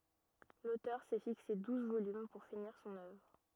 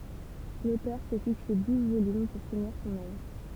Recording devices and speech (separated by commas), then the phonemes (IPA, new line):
rigid in-ear microphone, temple vibration pickup, read sentence
lotœʁ sɛ fikse duz volym puʁ finiʁ sɔ̃n œvʁ